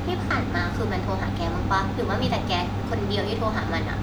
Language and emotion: Thai, frustrated